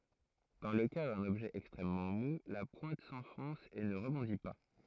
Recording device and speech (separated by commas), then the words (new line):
throat microphone, read sentence
Dans le cas d'un objet extrêmement mou, la pointe s'enfonce et ne rebondit pas.